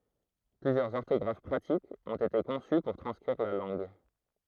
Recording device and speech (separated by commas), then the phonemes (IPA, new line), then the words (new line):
throat microphone, read sentence
plyzjœʁz ɔʁtɔɡʁaf pʁatikz ɔ̃t ete kɔ̃sy puʁ tʁɑ̃skʁiʁ la lɑ̃ɡ
Plusieurs orthographes pratiques ont été conçues pour transcrire la langue.